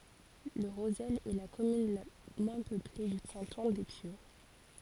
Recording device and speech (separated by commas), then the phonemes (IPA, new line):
forehead accelerometer, read sentence
lə ʁozɛl ɛ la kɔmyn la mwɛ̃ pøple dy kɑ̃tɔ̃ de pjø